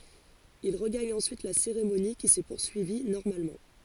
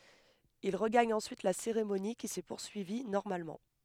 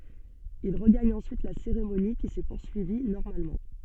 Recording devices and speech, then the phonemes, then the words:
forehead accelerometer, headset microphone, soft in-ear microphone, read sentence
il ʁəɡaɲ ɑ̃syit la seʁemoni ki sɛ puʁsyivi nɔʁmalmɑ̃
Il regagne ensuite la cérémonie, qui s'est poursuivie normalement.

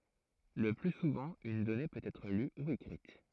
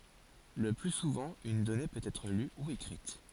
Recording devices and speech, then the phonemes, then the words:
throat microphone, forehead accelerometer, read sentence
lə ply suvɑ̃ yn dɔne pøt ɛtʁ ly u ekʁit
Le plus souvent, une donnée peut être lue ou écrite.

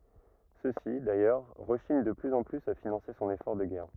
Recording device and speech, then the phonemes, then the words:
rigid in-ear microphone, read sentence
søksi dajœʁ ʁəʃiɲ də plyz ɑ̃ plyz a finɑ̃se sɔ̃n efɔʁ də ɡɛʁ
Ceux-ci, d'ailleurs, rechignent de plus en plus à financer son effort de guerre.

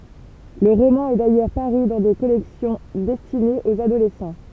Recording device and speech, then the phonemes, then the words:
temple vibration pickup, read sentence
lə ʁomɑ̃ ɛ dajœʁ paʁy dɑ̃ de kɔlɛksjɔ̃ dɛstinez oz adolɛsɑ̃
Le roman est d'ailleurs paru dans des collections destinées aux adolescents.

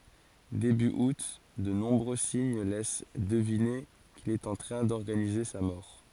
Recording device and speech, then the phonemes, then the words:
forehead accelerometer, read sentence
deby ut də nɔ̃bʁø siɲ lɛs dəvine kil ɛt ɑ̃ tʁɛ̃ dɔʁɡanize sa mɔʁ
Début août, de nombreux signes laissent deviner qu'il est en train d'organiser sa mort.

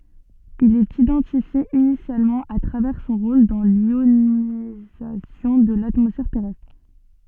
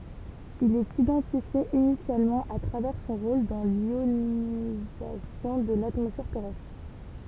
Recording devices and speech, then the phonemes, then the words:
soft in-ear microphone, temple vibration pickup, read sentence
il ɛt idɑ̃tifje inisjalmɑ̃ a tʁavɛʁ sɔ̃ ʁol dɑ̃ ljonizasjɔ̃ də latmɔsfɛʁ tɛʁɛstʁ
Il est identifié initialement à travers son rôle dans l'ionisation de l'atmosphère terrestre.

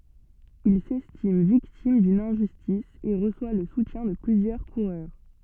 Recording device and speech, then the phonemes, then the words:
soft in-ear microphone, read sentence
il sɛstim viktim dyn ɛ̃ʒystis e ʁəswa lə sutjɛ̃ də plyzjœʁ kuʁœʁ
Il s'estime victime d'une injustice et reçoit le soutien de plusieurs coureurs.

